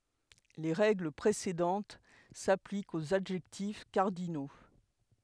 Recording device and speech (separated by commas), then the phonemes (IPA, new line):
headset microphone, read sentence
le ʁɛɡl pʁesedɑ̃t saplikt oz adʒɛktif kaʁdino